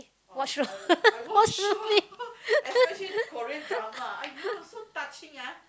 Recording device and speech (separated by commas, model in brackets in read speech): close-talking microphone, conversation in the same room